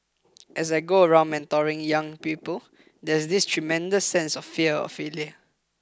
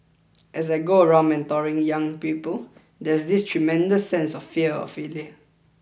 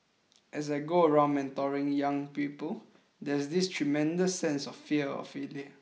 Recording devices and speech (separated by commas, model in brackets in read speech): close-talking microphone (WH20), boundary microphone (BM630), mobile phone (iPhone 6), read sentence